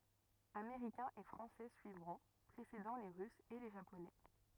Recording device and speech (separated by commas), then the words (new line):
rigid in-ear microphone, read sentence
Américains et Français suivront, précédant les Russes et les Japonais.